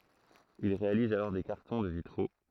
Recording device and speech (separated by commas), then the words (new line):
throat microphone, read sentence
Il réalise alors des cartons de vitraux.